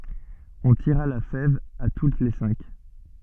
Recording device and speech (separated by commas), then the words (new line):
soft in-ear microphone, read sentence
On tira la fève à toutes les cinq.